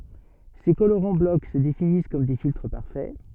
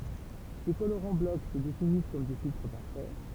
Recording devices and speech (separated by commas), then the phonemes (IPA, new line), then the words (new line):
soft in-ear microphone, temple vibration pickup, read sentence
se koloʁɑ̃ blɔk sə definis kɔm de filtʁ paʁfɛ
Ces colorants bloc se définissent comme des filtres parfaits.